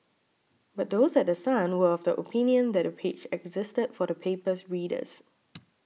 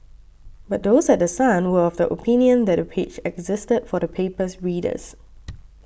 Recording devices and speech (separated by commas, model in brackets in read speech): mobile phone (iPhone 6), boundary microphone (BM630), read sentence